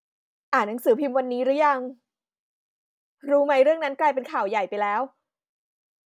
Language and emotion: Thai, neutral